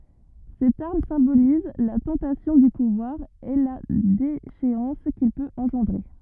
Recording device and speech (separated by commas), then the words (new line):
rigid in-ear microphone, read sentence
Cette arme symbolise la tentation du pouvoir, et la déchéance qu'il peut engendrer.